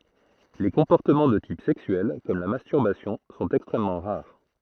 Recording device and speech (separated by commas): throat microphone, read sentence